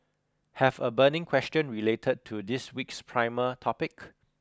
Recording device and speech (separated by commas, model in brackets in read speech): close-talking microphone (WH20), read sentence